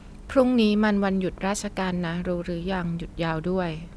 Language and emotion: Thai, neutral